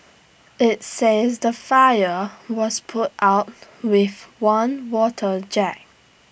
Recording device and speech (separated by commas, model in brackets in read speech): boundary microphone (BM630), read sentence